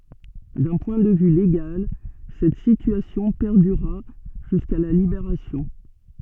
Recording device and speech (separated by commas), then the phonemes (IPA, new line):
soft in-ear microphone, read sentence
dœ̃ pwɛ̃ də vy leɡal sɛt sityasjɔ̃ pɛʁdyʁa ʒyska la libeʁasjɔ̃